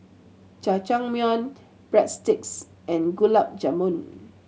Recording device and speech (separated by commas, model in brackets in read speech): mobile phone (Samsung C7100), read sentence